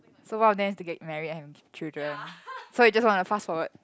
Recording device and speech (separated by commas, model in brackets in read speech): close-talking microphone, conversation in the same room